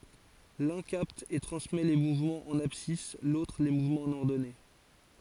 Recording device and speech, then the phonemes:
forehead accelerometer, read sentence
lœ̃ kapt e tʁɑ̃smɛ le muvmɑ̃z ɑ̃n absis lotʁ le muvmɑ̃z ɑ̃n ɔʁdɔne

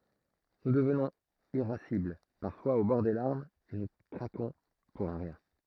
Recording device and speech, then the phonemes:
throat microphone, read sentence
nu dəvnɔ̃z iʁasibl paʁfwaz o bɔʁ de laʁmz e nu kʁakɔ̃ puʁ œ̃ ʁjɛ̃

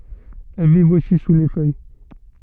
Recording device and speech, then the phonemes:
soft in-ear microphone, read sentence
ɛl vivt osi su le fœj

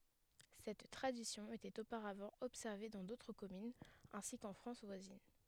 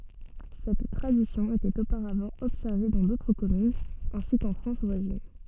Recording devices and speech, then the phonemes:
headset microphone, soft in-ear microphone, read sentence
sɛt tʁadisjɔ̃ etɛt opaʁavɑ̃ ɔbsɛʁve dɑ̃ dotʁ kɔmynz ɛ̃si kɑ̃ fʁɑ̃s vwazin

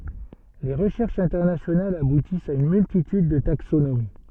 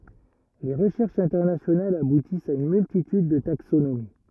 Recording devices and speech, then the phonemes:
soft in-ear microphone, rigid in-ear microphone, read sentence
le ʁəʃɛʁʃz ɛ̃tɛʁnasjonalz abutist a yn myltityd də taksonomi

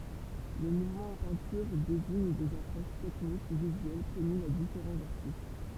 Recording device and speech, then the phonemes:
temple vibration pickup, read sentence
le muvmɑ̃z ɑ̃ pɛ̃tyʁ deziɲ dez apʁoʃ tɛknik u vizyɛl kɔmynz a difeʁɑ̃z aʁtist

